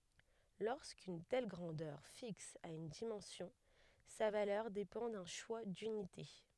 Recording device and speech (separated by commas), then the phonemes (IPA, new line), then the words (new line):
headset microphone, read sentence
loʁskyn tɛl ɡʁɑ̃dœʁ fiks a yn dimɑ̃sjɔ̃ sa valœʁ depɑ̃ dœ̃ ʃwa dynite
Lorsqu'une telle grandeur fixe a une dimension, sa valeur dépend d'un choix d'unités.